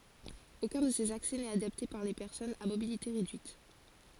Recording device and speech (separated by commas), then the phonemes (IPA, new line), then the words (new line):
forehead accelerometer, read sentence
okœ̃ də sez aksɛ nɛt adapte puʁ le pɛʁsɔnz a mobilite ʁedyit
Aucun de ces accès n'est adapté pour les personnes à mobilité réduite.